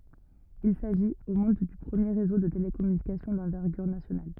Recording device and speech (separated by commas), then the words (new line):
rigid in-ear microphone, read sentence
Il s'agit, au monde, du premier réseau de télécommunications d'envergure nationale.